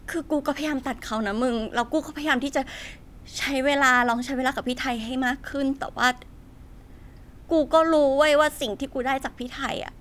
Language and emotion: Thai, sad